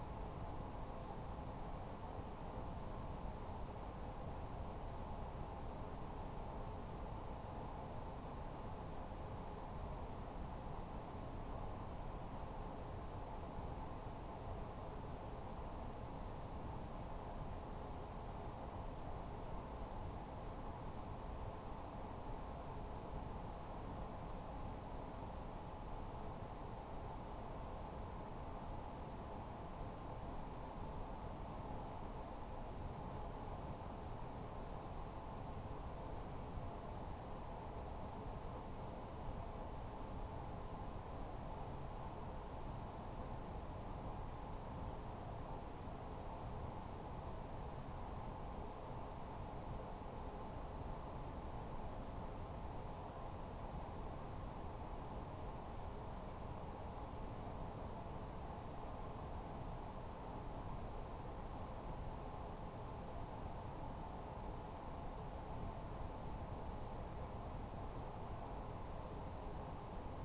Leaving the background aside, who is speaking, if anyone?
No one.